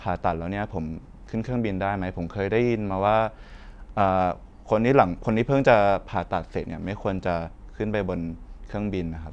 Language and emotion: Thai, neutral